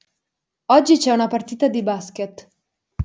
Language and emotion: Italian, neutral